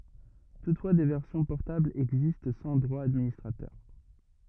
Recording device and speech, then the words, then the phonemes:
rigid in-ear microphone, read sentence
Toutefois, des versions portables existent sans droits d'administrateur.
tutfwa de vɛʁsjɔ̃ pɔʁtablz ɛɡzist sɑ̃ dʁwa dadministʁatœʁ

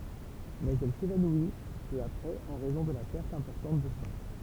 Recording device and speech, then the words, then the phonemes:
temple vibration pickup, read sentence
Mais elle s'évanouit peu après en raison de la perte importante de sang.
mɛz ɛl sevanwi pø apʁɛz ɑ̃ ʁɛzɔ̃ də la pɛʁt ɛ̃pɔʁtɑ̃t də sɑ̃

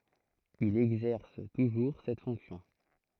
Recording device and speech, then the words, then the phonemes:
throat microphone, read sentence
Il exerce toujours cette fonction.
il ɛɡzɛʁs tuʒuʁ sɛt fɔ̃ksjɔ̃

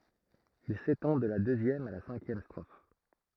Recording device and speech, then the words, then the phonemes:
throat microphone, read sentence
Il s'étend de la deuxième à la cinquième strophes.
il setɑ̃ də la døzjɛm a la sɛ̃kjɛm stʁof

